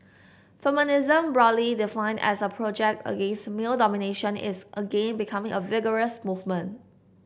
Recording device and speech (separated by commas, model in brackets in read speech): boundary microphone (BM630), read sentence